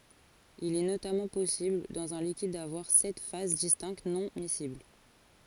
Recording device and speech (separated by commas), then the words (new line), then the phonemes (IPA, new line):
forehead accelerometer, read sentence
Il est notamment possible dans un liquide d'avoir sept phases distinctes non-miscibles.
il ɛ notamɑ̃ pɔsibl dɑ̃z œ̃ likid davwaʁ sɛt faz distɛ̃kt nɔ̃ misibl